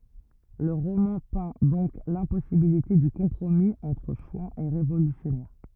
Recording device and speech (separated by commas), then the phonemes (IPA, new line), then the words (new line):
rigid in-ear microphone, read sentence
lə ʁomɑ̃ pɛ̃ dɔ̃k lɛ̃pɔsibilite dy kɔ̃pʁomi ɑ̃tʁ ʃwɑ̃z e ʁevolysjɔnɛʁ
Le roman peint donc l’impossibilité du compromis entre chouans et révolutionnaires.